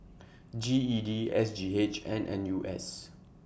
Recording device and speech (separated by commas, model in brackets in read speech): boundary microphone (BM630), read sentence